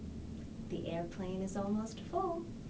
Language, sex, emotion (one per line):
English
female
happy